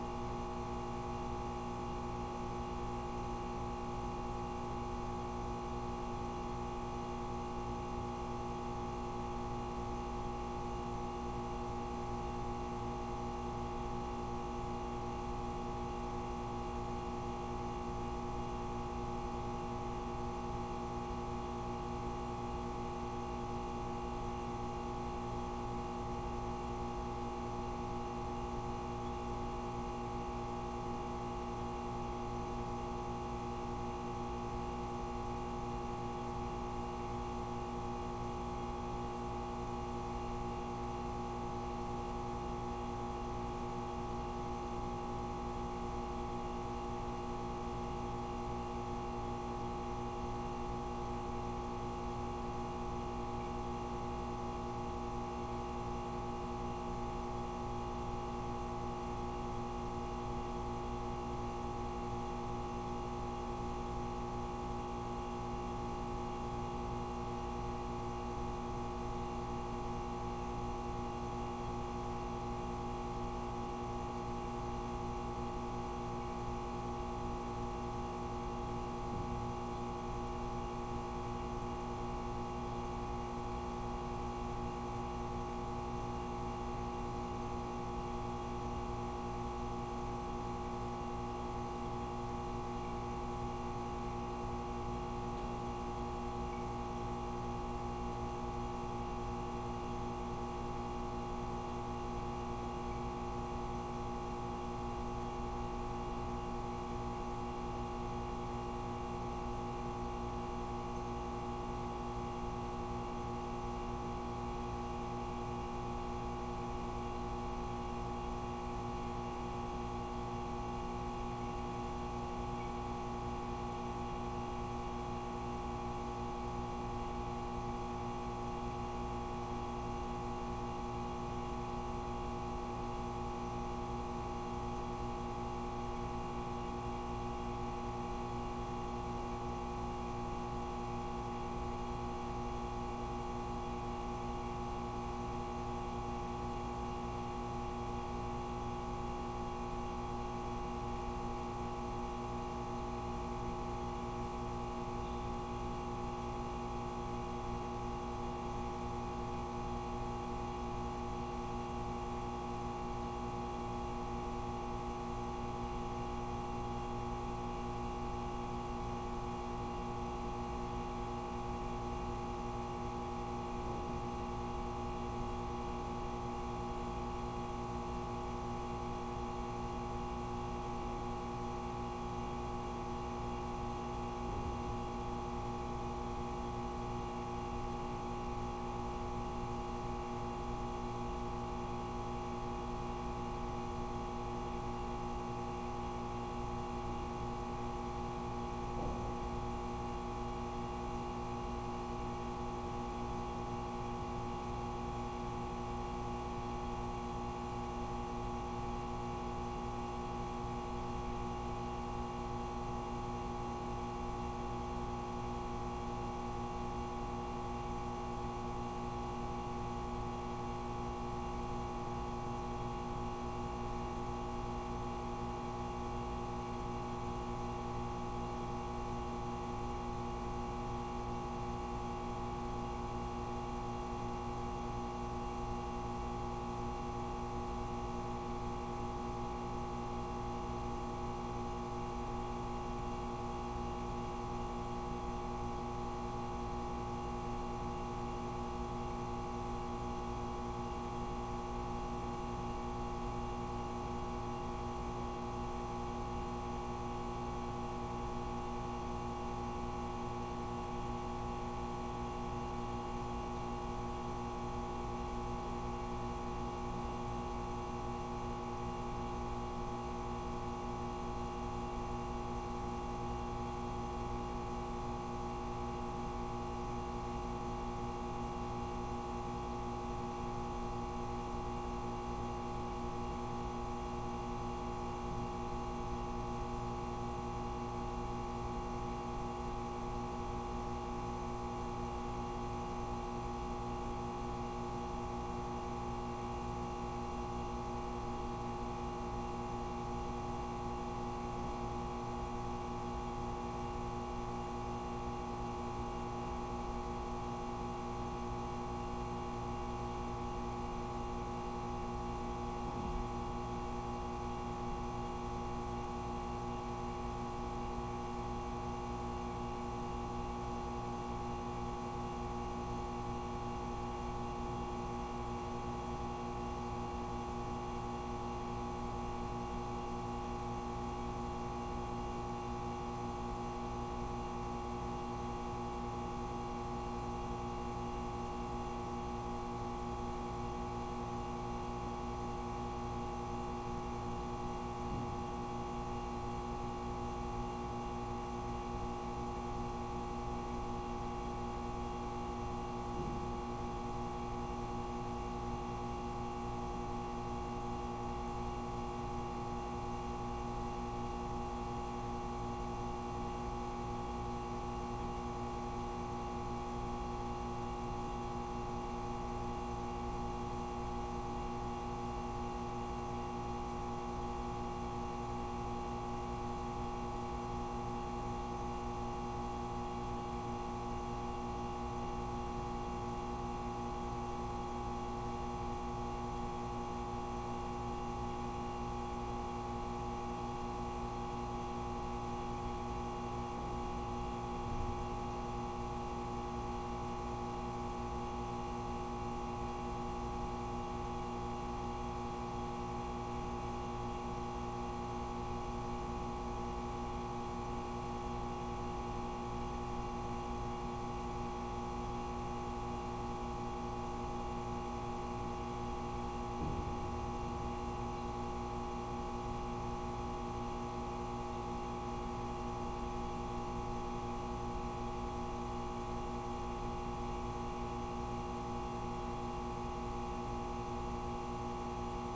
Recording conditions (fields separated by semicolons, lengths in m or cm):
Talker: no one; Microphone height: 3.2 m; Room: very reverberant, large; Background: none